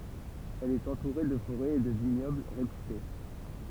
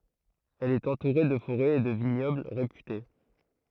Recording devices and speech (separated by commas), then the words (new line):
temple vibration pickup, throat microphone, read sentence
Elle est entourée de forêts et de vignobles réputés.